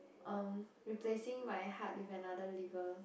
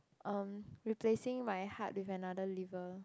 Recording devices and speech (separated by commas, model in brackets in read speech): boundary microphone, close-talking microphone, conversation in the same room